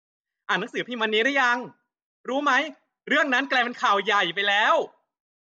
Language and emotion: Thai, happy